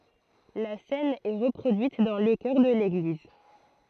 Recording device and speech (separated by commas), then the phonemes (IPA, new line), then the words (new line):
throat microphone, read sentence
la sɛn ɛ ʁəpʁodyit dɑ̃ lə kœʁ də leɡliz
La cène est reproduite dans le chœur de l'église.